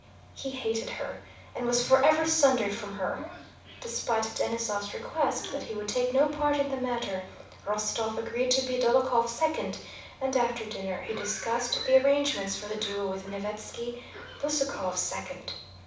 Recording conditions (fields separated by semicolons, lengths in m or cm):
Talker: one person; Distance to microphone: 5.8 m; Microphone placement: far; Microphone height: 1.8 m; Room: medium-sized (5.7 m by 4.0 m); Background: television